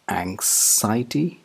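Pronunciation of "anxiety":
'Anxiety' is pronounced incorrectly here: the middle is said as 'sai' instead of 'zaya'.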